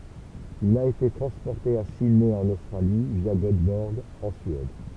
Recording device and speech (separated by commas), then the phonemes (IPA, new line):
temple vibration pickup, read sentence
il a ete tʁɑ̃spɔʁte a sidnɛ ɑ̃n ostʁali vja ɡotbɔʁɡ ɑ̃ syɛd